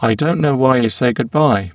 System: VC, spectral filtering